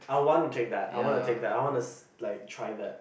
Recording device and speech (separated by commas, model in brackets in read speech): boundary microphone, conversation in the same room